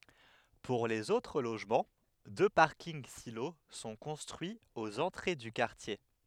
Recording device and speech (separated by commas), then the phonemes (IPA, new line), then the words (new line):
headset microphone, read sentence
puʁ lez otʁ loʒmɑ̃ dø paʁkinɡ silo sɔ̃ kɔ̃stʁyiz oz ɑ̃tʁe dy kaʁtje
Pour les autres logements, deux parkings-silos sont construits aux entrées du quartier.